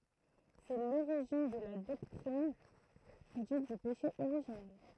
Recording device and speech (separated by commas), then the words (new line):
throat microphone, read sentence
C'est l'origine de la doctrine dite du péché originel.